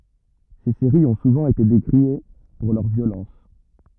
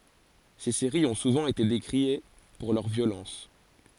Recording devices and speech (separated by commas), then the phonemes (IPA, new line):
rigid in-ear microphone, forehead accelerometer, read sentence
se seʁiz ɔ̃ suvɑ̃ ete dekʁie puʁ lœʁ vjolɑ̃s